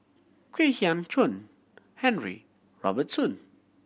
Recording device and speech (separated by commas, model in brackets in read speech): boundary microphone (BM630), read sentence